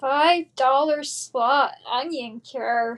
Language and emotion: English, disgusted